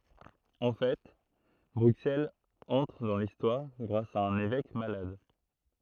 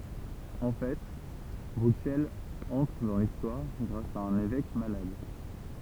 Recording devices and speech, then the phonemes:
throat microphone, temple vibration pickup, read sentence
ɑ̃ fɛ bʁyksɛlz ɑ̃tʁ dɑ̃ listwaʁ ɡʁas a œ̃n evɛk malad

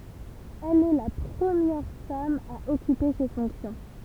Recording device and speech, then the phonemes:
temple vibration pickup, read sentence
ɛl ɛ la pʁəmjɛʁ fam a ɔkype se fɔ̃ksjɔ̃

